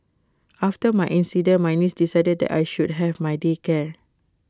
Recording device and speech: close-talking microphone (WH20), read sentence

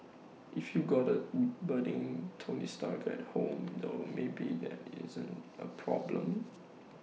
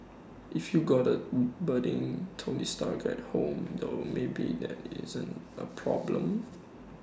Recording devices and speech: mobile phone (iPhone 6), standing microphone (AKG C214), read sentence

